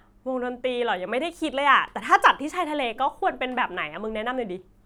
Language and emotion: Thai, happy